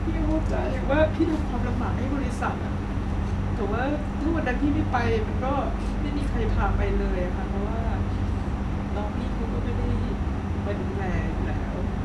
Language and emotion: Thai, sad